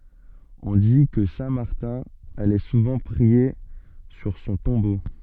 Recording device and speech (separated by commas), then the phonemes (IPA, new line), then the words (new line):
soft in-ear microphone, read sentence
ɔ̃ di kə sɛ̃ maʁtɛ̃ alɛ suvɑ̃ pʁie syʁ sɔ̃ tɔ̃bo
On dit que saint Martin allait souvent prier sur son tombeau.